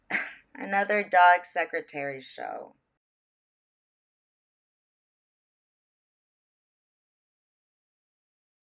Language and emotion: English, disgusted